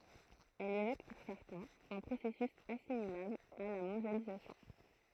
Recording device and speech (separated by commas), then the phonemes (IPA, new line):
throat microphone, read sentence
ɛl evok puʁ sɛʁtɛ̃z œ̃ pʁosɛsys asimilabl a la mɔ̃djalizasjɔ̃